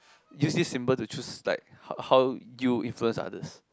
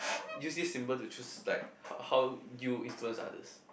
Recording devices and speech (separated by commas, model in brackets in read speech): close-talking microphone, boundary microphone, conversation in the same room